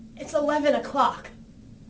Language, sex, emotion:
English
female
disgusted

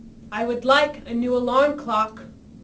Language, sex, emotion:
English
female
angry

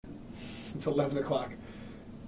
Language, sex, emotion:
English
male
neutral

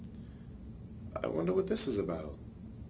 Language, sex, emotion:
English
male
neutral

